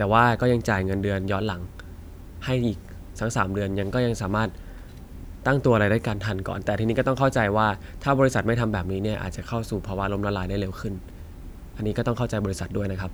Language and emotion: Thai, neutral